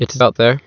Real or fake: fake